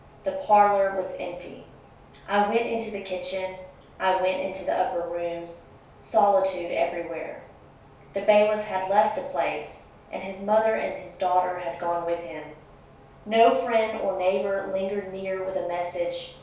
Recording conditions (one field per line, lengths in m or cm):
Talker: one person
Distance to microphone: 3.0 m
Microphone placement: far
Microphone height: 1.8 m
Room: small (3.7 m by 2.7 m)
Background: none